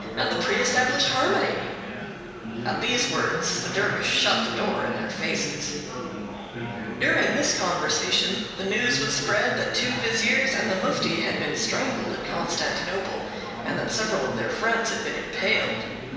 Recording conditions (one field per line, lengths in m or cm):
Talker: one person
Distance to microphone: 1.7 m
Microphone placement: close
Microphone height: 1.0 m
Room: very reverberant, large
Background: babble